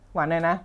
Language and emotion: Thai, neutral